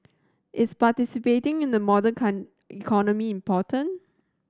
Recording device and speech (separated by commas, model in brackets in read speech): standing microphone (AKG C214), read sentence